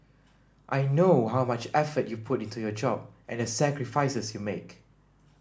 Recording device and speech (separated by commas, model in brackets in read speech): standing microphone (AKG C214), read sentence